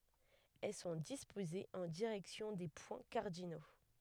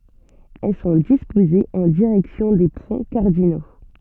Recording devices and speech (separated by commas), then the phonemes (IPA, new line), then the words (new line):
headset microphone, soft in-ear microphone, read sentence
ɛl sɔ̃ dispozez ɑ̃ diʁɛksjɔ̃ de pwɛ̃ kaʁdino
Elles sont disposées en direction des points cardinaux.